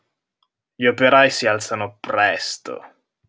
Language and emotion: Italian, disgusted